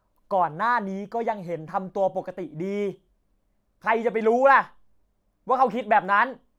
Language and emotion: Thai, angry